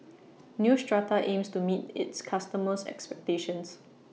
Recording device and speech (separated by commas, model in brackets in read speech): mobile phone (iPhone 6), read sentence